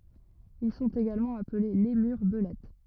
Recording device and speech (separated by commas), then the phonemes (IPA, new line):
rigid in-ear microphone, read sentence
il sɔ̃t eɡalmɑ̃ aple lemyʁ bəlɛt